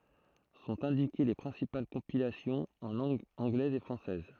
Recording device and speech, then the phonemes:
throat microphone, read sentence
sɔ̃t ɛ̃dike le pʁɛ̃sipal kɔ̃pilasjɔ̃z ɑ̃ lɑ̃ɡ ɑ̃ɡlɛz e fʁɑ̃sɛz

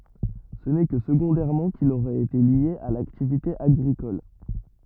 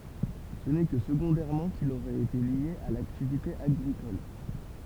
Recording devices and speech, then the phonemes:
rigid in-ear microphone, temple vibration pickup, read sentence
sə nɛ kə səɡɔ̃dɛʁmɑ̃ kil oʁɛt ete lje a laktivite aɡʁikɔl

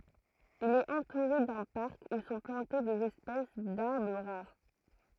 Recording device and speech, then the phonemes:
throat microphone, read sentence
il ɛt ɑ̃tuʁe dœ̃ paʁk u sɔ̃ plɑ̃te dez ɛspɛs daʁbʁ ʁaʁ

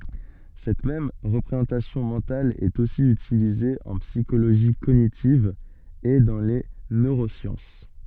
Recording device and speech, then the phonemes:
soft in-ear microphone, read sentence
sɛt mɛm ʁəpʁezɑ̃tasjɔ̃ mɑ̃tal ɛt osi ytilize ɑ̃ psikoloʒi koɲitiv e dɑ̃ le nøʁosjɑ̃s

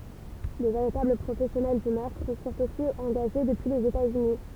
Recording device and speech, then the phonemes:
temple vibration pickup, read sentence
də veʁitabl pʁofɛsjɔnɛl dy mœʁtʁ fyʁt osi ɑ̃ɡaʒe dəpyi lez etaz yni

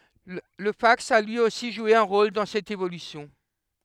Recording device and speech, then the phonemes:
headset microphone, read sentence
lə faks a lyi osi ʒwe œ̃ ʁol dɑ̃ sɛt evolysjɔ̃

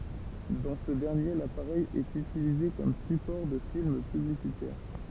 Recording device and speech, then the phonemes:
temple vibration pickup, read sentence
dɑ̃ sə dɛʁnje lapaʁɛj ɛt ytilize kɔm sypɔʁ də film pyblisitɛʁ

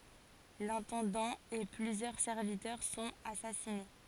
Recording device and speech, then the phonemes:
forehead accelerometer, read sentence
lɛ̃tɑ̃dɑ̃ e plyzjœʁ sɛʁvitœʁ sɔ̃t asasine

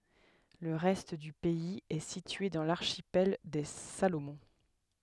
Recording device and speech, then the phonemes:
headset microphone, read sentence
lə ʁɛst dy pɛiz ɛ sitye dɑ̃ laʁʃipɛl de salomɔ̃

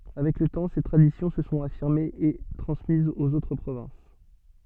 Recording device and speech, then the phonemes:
soft in-ear microphone, read sentence
avɛk lə tɑ̃ se tʁadisjɔ̃ sə sɔ̃t afiʁmez e tʁɑ̃smizz oz otʁ pʁovɛ̃s

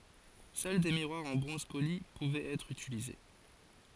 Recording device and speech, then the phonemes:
forehead accelerometer, read sentence
sœl de miʁwaʁz ɑ̃ bʁɔ̃z poli puvɛt ɛtʁ ytilize

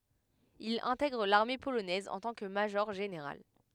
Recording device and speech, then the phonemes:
headset microphone, read sentence
il ɛ̃tɛɡʁ laʁme polonɛz ɑ̃ tɑ̃ kə maʒɔʁʒeneʁal

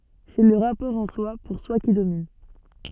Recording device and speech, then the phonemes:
soft in-ear microphone, read sentence
sɛ lə ʁapɔʁ ɑ̃swa puʁswa ki domin

